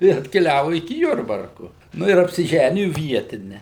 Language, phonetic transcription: Lithuanian, ir atkeˈliavu iki ˈjurbarku ˈnu ir apsiˈženiju ˈvietine

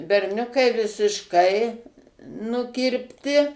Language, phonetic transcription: Lithuanian, berˈniukai visišˈkai nukirpˈti

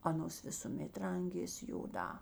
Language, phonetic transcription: Lithuanian, ˈanos visuˈmėt ˈrangės' joˈdā

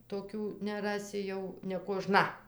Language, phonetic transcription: Lithuanian, toˈkių neˈrasi jau nekoˈžna

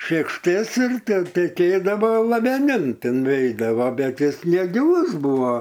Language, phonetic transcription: Lithuanian, šėkšˈtės ir te teˈkėdavo laveˈnin ˈtin ˈveidavo ˈbet ˈjis negiˈlus ˈbuvo

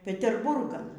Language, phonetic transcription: Lithuanian, peterˈburgan

